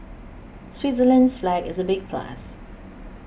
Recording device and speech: boundary microphone (BM630), read sentence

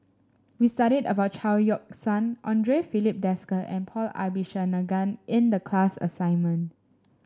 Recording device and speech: standing microphone (AKG C214), read sentence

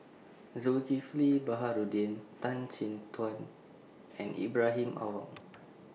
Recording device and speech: mobile phone (iPhone 6), read sentence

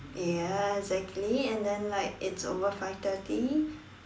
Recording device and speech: standing microphone, conversation in separate rooms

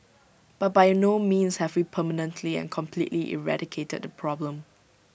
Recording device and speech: boundary microphone (BM630), read sentence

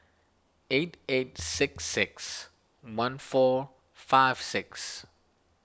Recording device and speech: standing microphone (AKG C214), read sentence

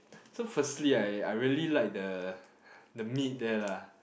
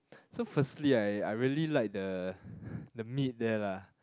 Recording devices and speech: boundary microphone, close-talking microphone, conversation in the same room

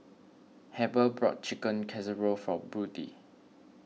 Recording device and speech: mobile phone (iPhone 6), read sentence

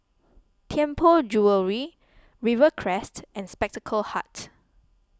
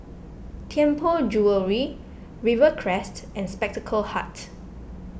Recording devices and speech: close-talking microphone (WH20), boundary microphone (BM630), read sentence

